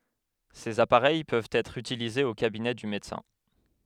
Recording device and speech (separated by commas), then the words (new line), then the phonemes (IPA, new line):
headset microphone, read sentence
Ces appareils peuvent être utilisées au cabinet du médecin.
sez apaʁɛj pøvt ɛtʁ ytilizez o kabinɛ dy medəsɛ̃